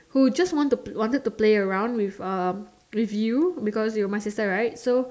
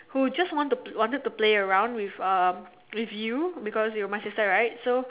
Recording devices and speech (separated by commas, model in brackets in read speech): standing microphone, telephone, conversation in separate rooms